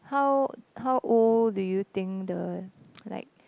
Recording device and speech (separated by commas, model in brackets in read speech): close-talking microphone, conversation in the same room